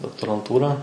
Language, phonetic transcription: Lithuanian, doktoranˈtūrą

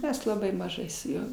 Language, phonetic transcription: Lithuanian, ˈmes laˈbai maˈžai su ˈjuo

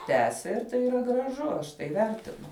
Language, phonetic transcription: Lithuanian, ˈtęsia ir ˈtai yˈra graˈžu ˈaš tai ˈvertinu

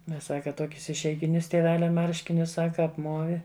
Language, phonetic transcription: Lithuanian, ˈmes ˈsaka ˈtuokius išeigiˈnius tieˈvelia ˈmarškinius ˈsaka apˈmuovi

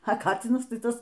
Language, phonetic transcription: Lithuanian, a ˈkacinas ˈtai ˈtas

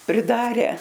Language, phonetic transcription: Lithuanian, priˈdare

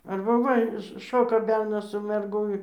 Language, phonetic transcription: Lithuanian, arba ˈva ˈšoka ˈbernas su merˈgu i

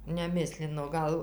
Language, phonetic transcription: Lithuanian, neˈmislino ˈgal

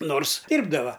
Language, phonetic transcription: Lithuanian, ˈnors ˈdyrbdava

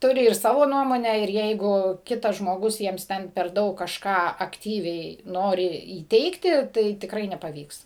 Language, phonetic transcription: Lithuanian, ˈturi ir ˈsavo ˈnuomonę ir ˈjeigu ˈkitas žmoˈgus ˈjiems ˈten per ˈdaug kažˈką akˈtyviai ˈnori įˈteigti ˈtai tikˈrai nepaˈvyks

